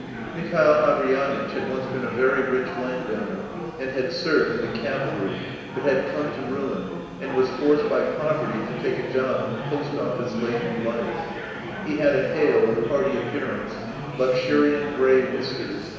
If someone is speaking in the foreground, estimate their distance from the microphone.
1.7 m.